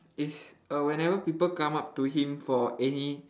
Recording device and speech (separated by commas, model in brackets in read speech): standing microphone, conversation in separate rooms